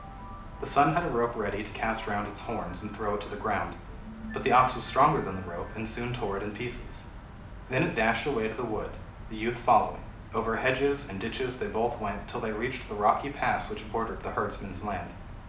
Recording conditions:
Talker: one person; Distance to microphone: 2.0 m; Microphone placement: close; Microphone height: 99 cm; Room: medium-sized (5.7 m by 4.0 m); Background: music

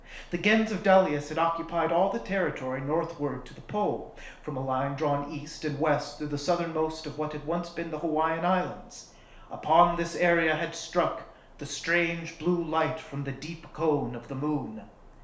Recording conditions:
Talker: one person; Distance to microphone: 1.0 m; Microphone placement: close; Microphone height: 1.1 m; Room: small (3.7 m by 2.7 m); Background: none

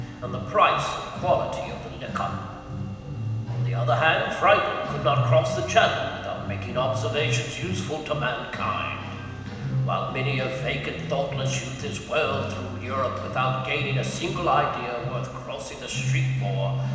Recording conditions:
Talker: one person; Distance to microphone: 1.7 m; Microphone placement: close; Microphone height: 1.0 m; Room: very reverberant, large; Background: music

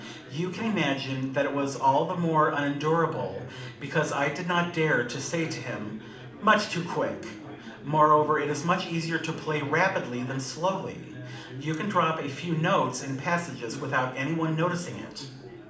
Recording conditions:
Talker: one person; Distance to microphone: 2.0 m; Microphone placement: close; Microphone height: 99 cm; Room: medium-sized (5.7 m by 4.0 m); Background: babble

